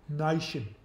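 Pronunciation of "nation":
'Nation' is said in a Cockney accent.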